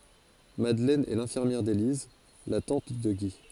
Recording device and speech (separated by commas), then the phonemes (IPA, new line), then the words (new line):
forehead accelerometer, read sentence
madlɛn ɛ lɛ̃fiʁmjɛʁ deliz la tɑ̃t də ɡi
Madeleine est l'infirmière d’Élise, la tante de Guy.